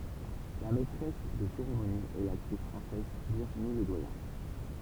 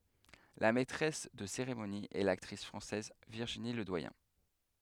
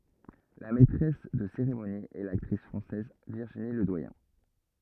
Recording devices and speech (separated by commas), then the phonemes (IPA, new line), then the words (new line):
temple vibration pickup, headset microphone, rigid in-ear microphone, read sentence
la mɛtʁɛs də seʁemoni ɛ laktʁis fʁɑ̃sɛz viʁʒini lədwajɛ̃
La maîtresse de cérémonie est l'actrice française Virginie Ledoyen.